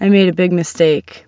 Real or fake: real